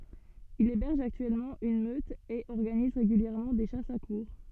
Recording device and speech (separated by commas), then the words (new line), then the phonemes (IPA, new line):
soft in-ear microphone, read sentence
Il héberge actuellement une meute et organise régulièrement des chasses à courre.
il ebɛʁʒ aktyɛlmɑ̃ yn møt e ɔʁɡaniz ʁeɡyljɛʁmɑ̃ de ʃasz a kuʁʁ